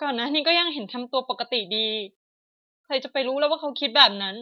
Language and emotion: Thai, neutral